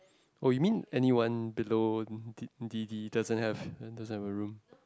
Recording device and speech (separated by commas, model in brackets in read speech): close-talking microphone, conversation in the same room